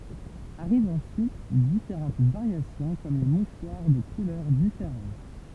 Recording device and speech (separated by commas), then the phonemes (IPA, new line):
temple vibration pickup, read sentence
aʁivt ɑ̃syit difeʁɑ̃t vaʁjasjɔ̃ kɔm le muʃwaʁ də kulœʁ difeʁɑ̃t